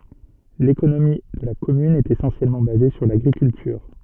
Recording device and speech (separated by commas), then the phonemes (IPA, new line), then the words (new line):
soft in-ear microphone, read sentence
lekonomi də la kɔmyn ɛt esɑ̃sjɛlmɑ̃ baze syʁ laɡʁikyltyʁ
L'économie de la commune est essentiellement basée sur l'agriculture.